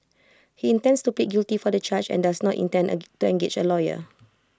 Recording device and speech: close-talking microphone (WH20), read sentence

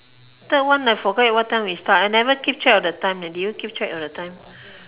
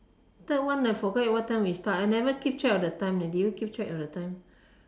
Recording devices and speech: telephone, standing microphone, conversation in separate rooms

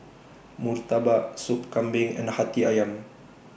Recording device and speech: boundary microphone (BM630), read sentence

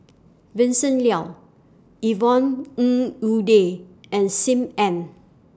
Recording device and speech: standing microphone (AKG C214), read sentence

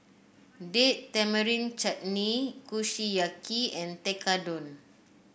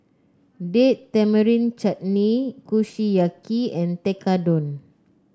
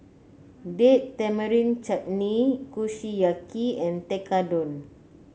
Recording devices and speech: boundary microphone (BM630), close-talking microphone (WH30), mobile phone (Samsung C9), read sentence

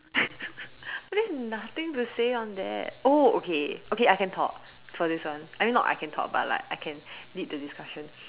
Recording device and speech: telephone, conversation in separate rooms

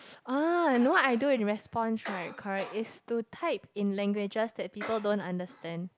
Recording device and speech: close-talking microphone, conversation in the same room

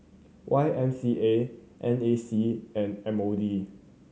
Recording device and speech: mobile phone (Samsung C7100), read sentence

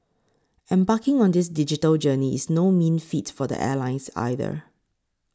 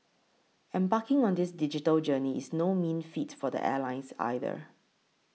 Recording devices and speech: close-talking microphone (WH20), mobile phone (iPhone 6), read sentence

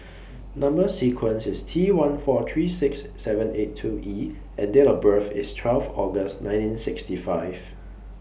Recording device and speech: boundary microphone (BM630), read sentence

